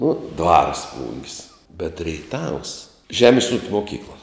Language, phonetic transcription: Lithuanian, ˈnu ˈdvars ˈplung's' bet reiˈtavs ˈžemis ūk' moˈkykla

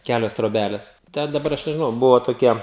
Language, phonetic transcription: Lithuanian, ˈkælios troˈbæles ˈte daˈbar ˈaš nežiˈnau ˈbuvo toˈkie

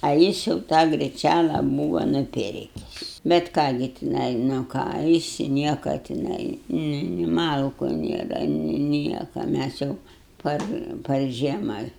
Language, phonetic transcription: Lithuanian, a ˈjis jau ˈtą griˈčæla ˈbūva nuˈpirkis bet ˈką gi tiˈnai nu ˈką ˈjis ˈnieka tiˈnai ˈnu ni ˈmalku ˈnėra ni ˈnieka ˈmæs jau ˈpar par ˈžiema

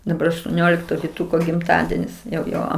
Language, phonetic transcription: Lithuanian, daˈbar aštuoˈniolikto viˈtuko gimˈtadienis jau ˈjo

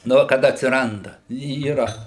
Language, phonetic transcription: Lithuanian, ˈnu kad atsiˈranda yˈra

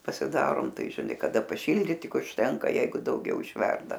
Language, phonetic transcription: Lithuanian, pasiˈdarom ˈtai žiˈnai kaˈda paˈšildyt ˈtik užˈtenka ˈjeigu dauˈgiau išˈverda

